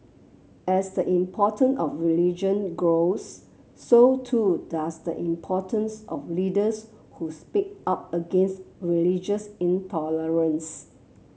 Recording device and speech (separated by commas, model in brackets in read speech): mobile phone (Samsung C7), read sentence